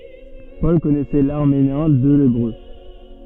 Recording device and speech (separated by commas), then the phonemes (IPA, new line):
soft in-ear microphone, read sentence
pɔl kɔnɛsɛ laʁameɛ̃ e lebʁø